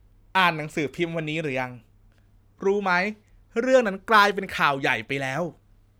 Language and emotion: Thai, frustrated